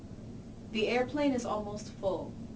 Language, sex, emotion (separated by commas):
English, female, neutral